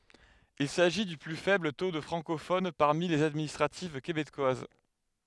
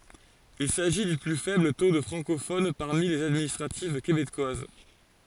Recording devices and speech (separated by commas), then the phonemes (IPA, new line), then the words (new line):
headset microphone, forehead accelerometer, read sentence
il saʒi dy ply fɛbl to də fʁɑ̃kofon paʁmi lez administʁativ kebekwaz
Il s’agit du plus faible taux de francophones parmi les administratives québécoises.